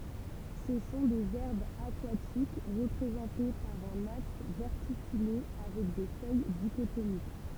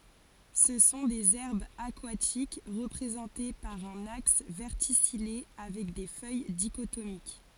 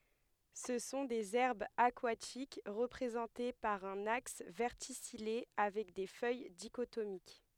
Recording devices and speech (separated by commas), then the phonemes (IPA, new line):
temple vibration pickup, forehead accelerometer, headset microphone, read sentence
sə sɔ̃ dez ɛʁbz akwatik ʁəpʁezɑ̃te paʁ œ̃n aks vɛʁtisije avɛk de fœj diʃotomik